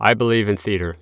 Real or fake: real